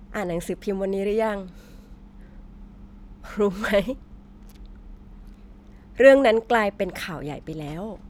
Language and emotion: Thai, happy